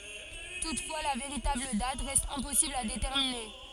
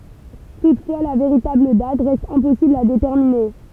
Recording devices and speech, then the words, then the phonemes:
forehead accelerometer, temple vibration pickup, read sentence
Toutefois, la véritable date reste impossible à déterminer.
tutfwa la veʁitabl dat ʁɛst ɛ̃pɔsibl a detɛʁmine

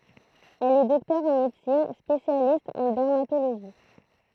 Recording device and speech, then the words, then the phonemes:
throat microphone, read sentence
Elle est docteur en médecine, spécialiste en dermatologie.
ɛl ɛ dɔktœʁ ɑ̃ medəsin spesjalist ɑ̃ dɛʁmatoloʒi

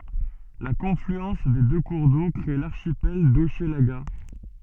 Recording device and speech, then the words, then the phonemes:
soft in-ear microphone, read sentence
La confluence des deux cours d'eau crée l'archipel d'Hochelaga.
la kɔ̃flyɑ̃s de dø kuʁ do kʁe laʁʃipɛl doʃlaɡa

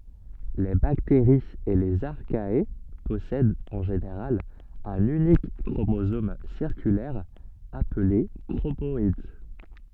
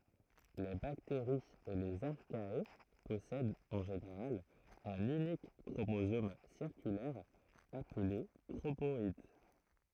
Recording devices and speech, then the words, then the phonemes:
soft in-ear microphone, throat microphone, read sentence
Les bactéries et les Archaea possèdent en général un unique chromosome circulaire appelé chromoïde.
le bakteʁiz e lez aʁkaɛa pɔsɛdt ɑ̃ ʒeneʁal œ̃n ynik kʁomozom siʁkylɛʁ aple kʁomɔid

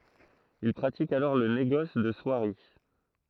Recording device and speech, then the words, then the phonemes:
throat microphone, read sentence
Il pratique alors le négoce de soieries.
il pʁatik alɔʁ lə neɡɔs də swaʁi

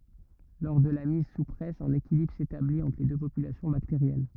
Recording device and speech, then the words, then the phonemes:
rigid in-ear microphone, read sentence
Lors de la mise sous presse, un équilibre s'établit entre les deux populations bactériennes.
lɔʁ də la miz su pʁɛs œ̃n ekilibʁ setablit ɑ̃tʁ le dø popylasjɔ̃ bakteʁjɛn

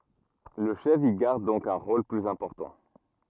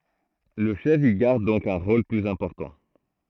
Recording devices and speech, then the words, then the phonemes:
rigid in-ear microphone, throat microphone, read sentence
Le chef y garde donc un rôle plus important.
lə ʃɛf i ɡaʁd dɔ̃k œ̃ ʁol plyz ɛ̃pɔʁtɑ̃

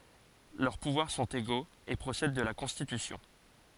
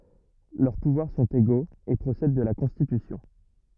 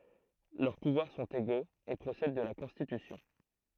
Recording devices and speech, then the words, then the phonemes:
forehead accelerometer, rigid in-ear microphone, throat microphone, read sentence
Leurs pouvoirs sont égaux et procèdent de la Constitution.
lœʁ puvwaʁ sɔ̃t eɡoz e pʁosɛd də la kɔ̃stitysjɔ̃

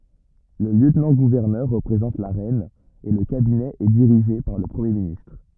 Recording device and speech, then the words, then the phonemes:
rigid in-ear microphone, read sentence
Le lieutenant-gouverneur représente la reine et le cabinet est dirigée par le Premier ministre.
lə ljøtnɑ̃ɡuvɛʁnœʁ ʁəpʁezɑ̃t la ʁɛn e lə kabinɛ ɛ diʁiʒe paʁ lə pʁəmje ministʁ

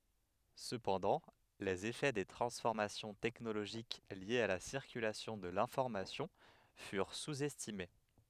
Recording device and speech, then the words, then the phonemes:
headset microphone, read sentence
Cependant, les effets des transformations technologiques liées à la circulation de l’information furent sous-estimés.
səpɑ̃dɑ̃ lez efɛ de tʁɑ̃sfɔʁmasjɔ̃ tɛknoloʒik ljez a la siʁkylasjɔ̃ də lɛ̃fɔʁmasjɔ̃ fyʁ suz ɛstime

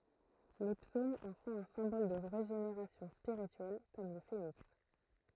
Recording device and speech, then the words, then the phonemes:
throat microphone, read sentence
Les psaumes en font un symbole de régénération spirituelle, comme le phénix.
le psomz ɑ̃ fɔ̃t œ̃ sɛ̃bɔl də ʁeʒeneʁasjɔ̃ spiʁityɛl kɔm lə feniks

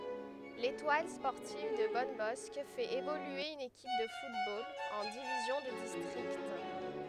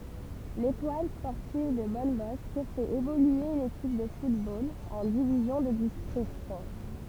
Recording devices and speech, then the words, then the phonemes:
headset microphone, temple vibration pickup, read sentence
L'Étoile sportive de Bonnebosq fait évoluer une équipe de football en division de district.
letwal spɔʁtiv də bɔnbɔsk fɛt evolye yn ekip də futbol ɑ̃ divizjɔ̃ də distʁikt

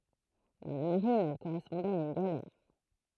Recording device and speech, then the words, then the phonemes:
throat microphone, read sentence
Dans la marine, elle correspondait à une galère.
dɑ̃ la maʁin ɛl koʁɛspɔ̃dɛt a yn ɡalɛʁ

